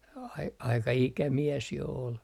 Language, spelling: Finnish, - aika ikämies jo oli
- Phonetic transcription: ai - aika 'ikämies jo ol .

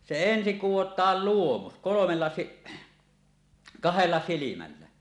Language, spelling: Finnish, se ensin kudotaan luomus kolmella - kahdella silmällä
- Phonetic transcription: se ensiŋ "kuwot̀aal "luomus , 'kolomella si- , "kahella "silimällä .

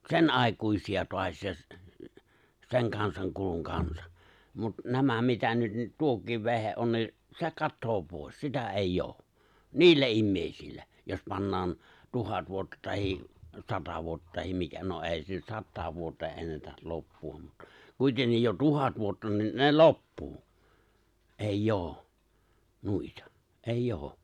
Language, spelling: Finnish, senaikuisia taas ja sen kansan kulun kanssa mutta nämä mitä nyt - tuokin vehje on niin se katoaa pois sitä ei ole niillä ihmisillä jos pannaan tuhat vuotta tai sata vuotta tai mikä no ei se nyt sataan vuoteen ennätä loppua mutta kuitenkin jo tuhat vuotta niin ne loppuu ei ole noita ei ole
- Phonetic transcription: sen'’àekuisi₍a (toas ja) , "seŋ 'kansaŋ kuluŋ 'kansᴀ , mut 'nämä mitä nyt , n- "tuokiiv 've̬he’ ’on ni , "se 'kattoo 'pòes , 'sitä 'eij'j ‿oo , "niillä 'immèi̬sillä , jos 'pannaan , "tuhat 'vuotta tahi’ , "sata 'vuotta tahim 'mikä , no '’è̬i se nyt "sattaav 'vuotee’ '’ennätäl 'loppu₍am mut(ta) , kuitennij jo 'tuhat vuotta nin , 'ne "loppuu , 'eij'j ‿oo , 'nuitᴀ , 'eijj ‿oo .

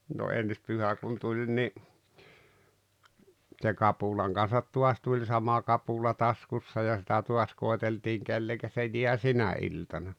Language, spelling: Finnish, no ensi pyhä kun tuli niin se kapulan kanssa taas tuli sama kapula taskussa ja sitä taas koeteltiin kenelle se jää sinä iltana
- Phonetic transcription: no 'ens 'pyhä kun 'tuĺ ni , tse "kapulaŋ Gan̬sat 'tuas tuĺ 'sama 'kapula 'taskussa ja sitä 'tuas 'koèteltiiŋ "kelleŋkä se 'jiä "sinä 'iltana .

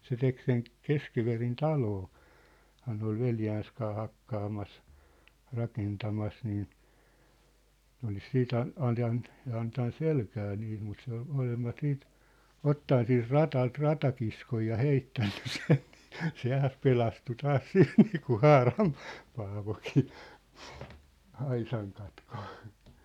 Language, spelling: Finnish, se teki sen Keskiverin - taloahan ne oli veljensä kanssa hakkaamassa rakentamassa niin ne olisi sitten - antanut antanut selkään niitä mutta se oli molemmat sitten ottanut siitä radalta ratakiskoja ja heittänyt sen niin se taas pelastui taas sillä niin kuin Haaran Paavokin aisan katki
- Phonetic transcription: se 'tek sen , "Keskiverin 'taloo- , -haa ne ‿ol 'veljääns kaa 'hakkaamas , 'rakentamas nii , 'nĕ olis 'siit ‿an- , 'antan , antan 'selkää niit mut se ‿ol , ('molemmat) siit , "ottan siint "rat̳alt "ratakiskoj ja "heittänny 'sen ɴɪɪ , se taas 'pelastu 'taas "sil niikuⁿ̬ "Haaram̳ , Paavokii , 'aisaŋ katkᴏ .

